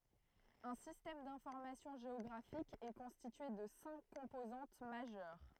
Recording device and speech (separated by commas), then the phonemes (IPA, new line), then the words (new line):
throat microphone, read sentence
œ̃ sistɛm dɛ̃fɔʁmasjɔ̃ ʒeɔɡʁafik ɛ kɔ̃stitye də sɛ̃k kɔ̃pozɑ̃t maʒœʁ
Un système d'information géographique est constitué de cinq composantes majeures.